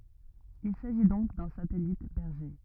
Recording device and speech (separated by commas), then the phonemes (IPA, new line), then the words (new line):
rigid in-ear microphone, read sentence
il saʒi dɔ̃k dœ̃ satɛlit bɛʁʒe
Il s'agit donc d'un satellite berger.